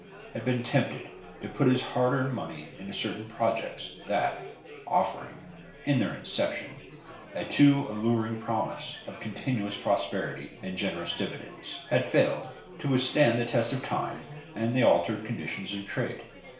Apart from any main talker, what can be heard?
Crowd babble.